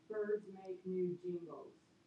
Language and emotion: English, neutral